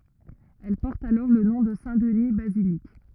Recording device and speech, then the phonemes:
rigid in-ear microphone, read sentence
ɛl pɔʁt alɔʁ lə nɔ̃ də sɛ̃tdni bazilik

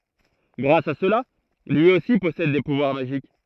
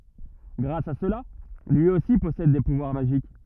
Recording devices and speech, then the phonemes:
throat microphone, rigid in-ear microphone, read sentence
ɡʁas a səla lyi osi pɔsɛd de puvwaʁ maʒik

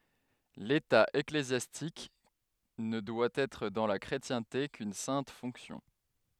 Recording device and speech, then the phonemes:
headset microphone, read sentence
leta eklezjastik nə dwa ɛtʁ dɑ̃ la kʁetjɛ̃te kyn sɛ̃t fɔ̃ksjɔ̃

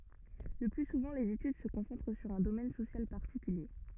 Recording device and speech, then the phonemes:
rigid in-ear microphone, read sentence
lə ply suvɑ̃ lez etyd sə kɔ̃sɑ̃tʁ syʁ œ̃ domɛn sosjal paʁtikylje

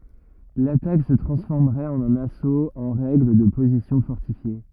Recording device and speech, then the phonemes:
rigid in-ear microphone, read sentence
latak sə tʁɑ̃sfɔʁməʁɛt ɑ̃n œ̃n asot ɑ̃ ʁɛɡl də pozisjɔ̃ fɔʁtifje

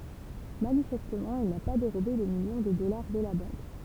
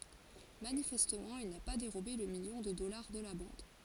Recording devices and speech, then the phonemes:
temple vibration pickup, forehead accelerometer, read sentence
manifɛstmɑ̃ il na pa deʁobe lə miljɔ̃ də dɔlaʁ də la bɑ̃d

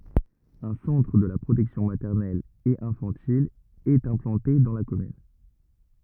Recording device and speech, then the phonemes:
rigid in-ear microphone, read sentence
œ̃ sɑ̃tʁ də la pʁotɛksjɔ̃ matɛʁnɛl e ɛ̃fɑ̃til ɛt ɛ̃plɑ̃te dɑ̃ la kɔmyn

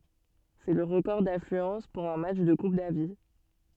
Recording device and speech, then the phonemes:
soft in-ear microphone, read sentence
sɛ lə ʁəkɔʁ daflyɑ̃s puʁ œ̃ matʃ də kup davi

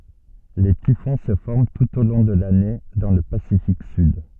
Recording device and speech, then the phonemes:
soft in-ear microphone, read sentence
le tifɔ̃ sə fɔʁm tut o lɔ̃ də lane dɑ̃ lə pasifik syd

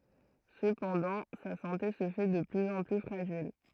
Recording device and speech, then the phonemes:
throat microphone, read sentence
səpɑ̃dɑ̃ sa sɑ̃te sə fɛ də plyz ɑ̃ ply fʁaʒil

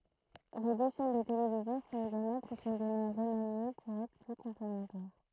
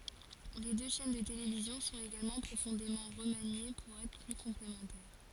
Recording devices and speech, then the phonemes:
throat microphone, forehead accelerometer, read sentence
le dø ʃɛn də televizjɔ̃ sɔ̃t eɡalmɑ̃ pʁofɔ̃demɑ̃ ʁəmanje puʁ ɛtʁ ply kɔ̃plemɑ̃tɛʁ

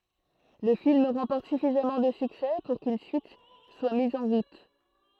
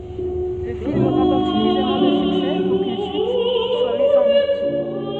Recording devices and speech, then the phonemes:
throat microphone, soft in-ear microphone, read sentence
lə film ʁɑ̃pɔʁt syfizamɑ̃ də syksɛ puʁ kyn syit swa miz ɑ̃ ʁut

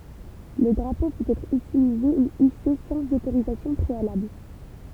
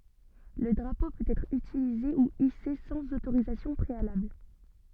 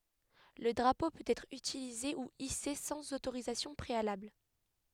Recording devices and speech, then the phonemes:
temple vibration pickup, soft in-ear microphone, headset microphone, read sentence
lə dʁapo pøt ɛtʁ ytilize u ise sɑ̃z otoʁizasjɔ̃ pʁealabl

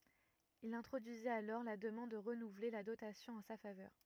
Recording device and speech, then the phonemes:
rigid in-ear microphone, read sentence
il ɛ̃tʁodyizit alɔʁ la dəmɑ̃d də ʁənuvle la dotasjɔ̃ ɑ̃ sa favœʁ

